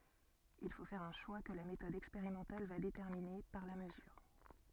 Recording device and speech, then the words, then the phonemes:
soft in-ear microphone, read sentence
Il faut faire un choix que la méthode expérimentale va déterminer, par la mesure.
il fo fɛʁ œ̃ ʃwa kə la metɔd ɛkspeʁimɑ̃tal va detɛʁmine paʁ la məzyʁ

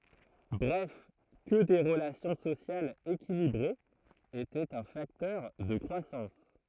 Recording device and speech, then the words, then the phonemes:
throat microphone, read sentence
Bref que des relations sociales équilibrées étaient un facteur de croissance.
bʁɛf kə de ʁəlasjɔ̃ sosjalz ekilibʁez etɛt œ̃ faktœʁ də kʁwasɑ̃s

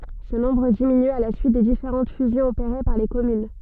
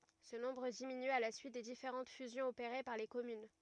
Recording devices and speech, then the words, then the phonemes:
soft in-ear microphone, rigid in-ear microphone, read sentence
Ce nombre diminue à la suite des différentes fusions opérées par les communes.
sə nɔ̃bʁ diminy a la syit de difeʁɑ̃t fyzjɔ̃z opeʁe paʁ le kɔmyn

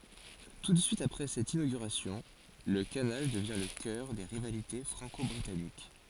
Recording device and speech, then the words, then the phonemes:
forehead accelerometer, read sentence
Tout de suite après cette inauguration, le canal devient le cœur des rivalités franco-britanniques.
tu də syit apʁɛ sɛt inoɡyʁasjɔ̃ lə kanal dəvjɛ̃ lə kœʁ de ʁivalite fʁɑ̃kɔbʁitanik

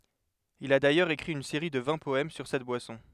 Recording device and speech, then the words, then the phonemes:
headset microphone, read sentence
Il a d'ailleurs écrit une série de vingt poèmes sur cette boisson.
il a dajœʁz ekʁi yn seʁi də vɛ̃ pɔɛm syʁ sɛt bwasɔ̃

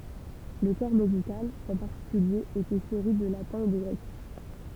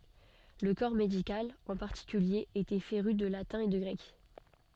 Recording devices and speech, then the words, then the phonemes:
temple vibration pickup, soft in-ear microphone, read sentence
Le corps médical, en particulier, était féru de latin et de grec.
lə kɔʁ medikal ɑ̃ paʁtikylje etɛ feʁy də latɛ̃ e də ɡʁɛk

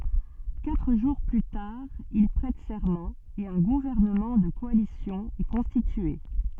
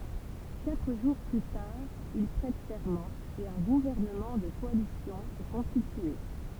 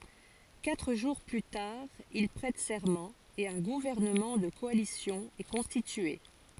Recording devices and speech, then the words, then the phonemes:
soft in-ear microphone, temple vibration pickup, forehead accelerometer, read sentence
Quatre jours plus tard, il prête serment et un gouvernement de coalition est constitué.
katʁ ʒuʁ ply taʁ il pʁɛt sɛʁmɑ̃ e œ̃ ɡuvɛʁnəmɑ̃ də kɔalisjɔ̃ ɛ kɔ̃stitye

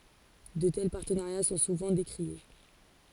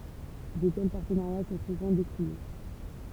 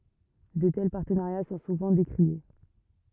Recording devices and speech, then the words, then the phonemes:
forehead accelerometer, temple vibration pickup, rigid in-ear microphone, read sentence
De tels partenariats sont souvent décriés.
də tɛl paʁtənaʁja sɔ̃ suvɑ̃ dekʁie

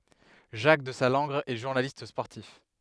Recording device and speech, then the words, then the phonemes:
headset microphone, read sentence
Jacques Desallangre est journaliste sportif.
ʒak dəzalɑ̃ɡʁ ɛ ʒuʁnalist spɔʁtif

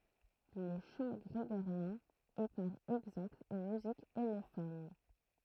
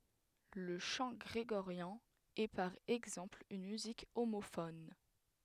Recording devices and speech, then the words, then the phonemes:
throat microphone, headset microphone, read sentence
Le chant grégorien est par exemple une musique homophone.
lə ʃɑ̃ ɡʁeɡoʁjɛ̃ ɛ paʁ ɛɡzɑ̃pl yn myzik omofɔn

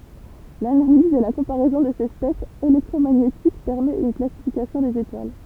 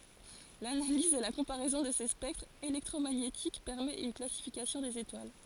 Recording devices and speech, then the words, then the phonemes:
temple vibration pickup, forehead accelerometer, read sentence
L'analyse et la comparaison de ces spectres électromagnétiques permet une classification des étoiles.
lanaliz e la kɔ̃paʁɛzɔ̃ də se spɛktʁz elɛktʁomaɲetik pɛʁmɛt yn klasifikasjɔ̃ dez etwal

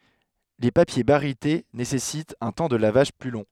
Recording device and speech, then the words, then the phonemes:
headset microphone, read sentence
Les papiers barytés nécessitent un temps de lavage plus long.
le papje baʁite nesɛsitt œ̃ tɑ̃ də lavaʒ ply lɔ̃

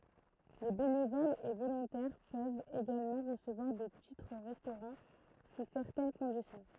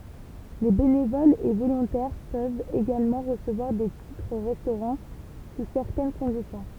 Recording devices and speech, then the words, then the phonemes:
throat microphone, temple vibration pickup, read sentence
Les bénévoles et volontaires peuvent également recevoir des titres-restaurant sous certaines conditions.
le benevolz e volɔ̃tɛʁ pøvt eɡalmɑ̃ ʁəsəvwaʁ de titʁ ʁɛstoʁɑ̃ su sɛʁtɛn kɔ̃disjɔ̃

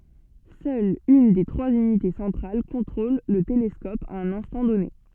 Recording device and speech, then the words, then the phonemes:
soft in-ear microphone, read sentence
Seule une des trois unités centrales contrôle le télescope à un instant donné.
sœl yn de tʁwaz ynite sɑ̃tʁal kɔ̃tʁol lə telɛskɔp a œ̃n ɛ̃stɑ̃ dɔne

